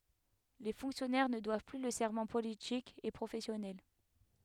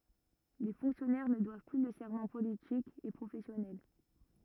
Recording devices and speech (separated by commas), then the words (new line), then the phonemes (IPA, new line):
headset microphone, rigid in-ear microphone, read sentence
Les fonctionnaires ne doivent plus le serment politique et professionnel.
le fɔ̃ksjɔnɛʁ nə dwav ply lə sɛʁmɑ̃ politik e pʁofɛsjɔnɛl